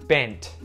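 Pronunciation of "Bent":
In 'bent', the t at the end is pronounced, not muted.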